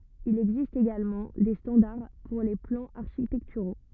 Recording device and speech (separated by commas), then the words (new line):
rigid in-ear microphone, read sentence
Il existe également des standards pour les plans architecturaux.